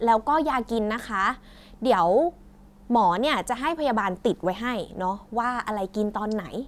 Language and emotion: Thai, neutral